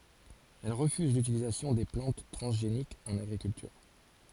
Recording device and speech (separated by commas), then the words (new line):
forehead accelerometer, read sentence
Elle refuse l'utilisation des plantes transgéniques en agriculture.